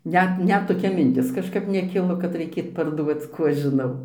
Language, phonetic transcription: Lithuanian, ˈnet ˈnet toˈkia minˈtis kažˈkap neˈkilo kad raiˈkėt parˈduoc ˈkų aš žiˈnau

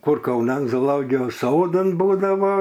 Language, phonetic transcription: Lithuanian, ˈkur kauˈnan zooˈlogijos ˈsodan ˈbūdavo

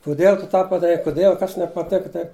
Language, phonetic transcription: Lithuanian, kuˈdiel tu ˈtą padaˈrei kuˈdiel ˈkas nepaˈteka taip

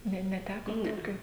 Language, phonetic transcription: Lithuanian, ˈne neˈteko ˈtokio

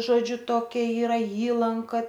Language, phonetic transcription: Lithuanian, ˈžodžiu ˈtokia ˈyra ˈįlanka

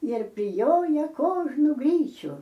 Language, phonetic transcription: Lithuanian, ir priˈjojaˈkožnu ˈgryčiu

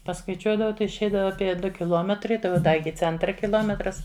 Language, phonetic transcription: Lithuanian, paskaiˈčiuodavau ˈtai išˈeidava apie ˈdu kiˈlometrai ˈtai o ˈda ˈiki ˈcentra kiˈlometras

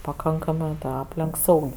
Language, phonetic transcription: Lithuanian, paˈkankamɜ ˈaplenk ˈsaug'

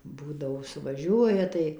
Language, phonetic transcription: Lithuanian, ˈbūdavo suvaˈžiuoja tai

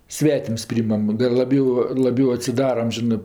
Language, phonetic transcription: Lithuanian, ˈsvetims ˈpryimam ˈdar laˈbiau laˈbiau atsiˈdaram ˈžinɜ

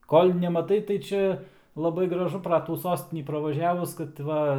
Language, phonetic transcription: Lithuanian, ˈkol' nemaˈtai tai ˈčia laˈbai graˈžu pra ˈtų ˈsostinį pravaˈžiavus kad ˈva

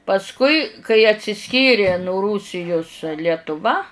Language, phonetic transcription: Lithuanian, pasˈkui kai atsiˈskyri nu ˈrūsijus lietuˈva

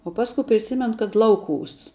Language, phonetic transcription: Lithuanian, o ˈpasku priˈsimen kad ˈlauˌkūs

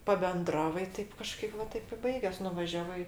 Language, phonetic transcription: Lithuanian, pabenˈdravai ˈtaip kaˈžkaip va ˈtaip i ˈbaigias nuvaˈžiavai

